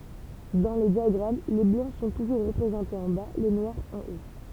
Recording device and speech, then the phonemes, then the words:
temple vibration pickup, read sentence
dɑ̃ le djaɡʁam le blɑ̃ sɔ̃ tuʒuʁ ʁəpʁezɑ̃tez ɑ̃ ba le nwaʁz ɑ̃ o
Dans les diagrammes, les Blancs sont toujours représentés en bas, les Noirs en haut.

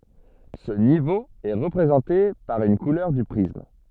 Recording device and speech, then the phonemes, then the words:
soft in-ear microphone, read sentence
sə nivo ɛ ʁəpʁezɑ̃te paʁ yn kulœʁ dy pʁism
Ce niveau est représenté par une couleur du prisme.

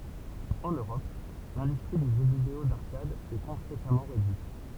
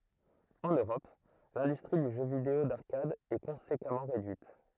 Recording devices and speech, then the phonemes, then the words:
temple vibration pickup, throat microphone, read sentence
ɑ̃n øʁɔp lɛ̃dystʁi dy ʒø video daʁkad ɛ kɔ̃sekamɑ̃ ʁedyit
En Europe, l'industrie du jeu vidéo d'arcade est conséquemment réduite.

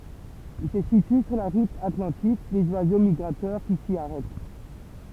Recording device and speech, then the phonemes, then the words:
temple vibration pickup, read sentence
il sə sity syʁ la ʁut atlɑ̃tik dez wazo miɡʁatœʁ ki si aʁɛt
Il se situe sur la route atlantique des oiseaux migrateurs qui s'y arrêtent.

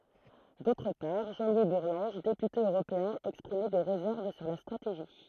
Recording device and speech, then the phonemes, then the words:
throat microphone, read sentence
dotʁ paʁ ʒɑ̃ lwi buʁlɑ̃ʒ depyte øʁopeɛ̃ ɛkspʁimɛ de ʁezɛʁv syʁ la stʁateʒi
D'autre part, Jean-Louis Bourlanges, député européen exprimait des réserves sur la stratégie.

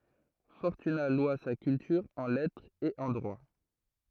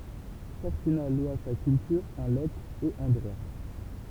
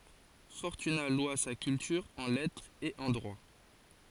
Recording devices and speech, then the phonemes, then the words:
throat microphone, temple vibration pickup, forehead accelerometer, read sentence
fɔʁtyna lwa sa kyltyʁ ɑ̃ lɛtʁ e ɑ̃ dʁwa
Fortunat loua sa culture en lettre et en droit.

